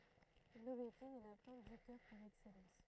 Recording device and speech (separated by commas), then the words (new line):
throat microphone, read sentence
L'aubépine est la plante du cœur par excellence.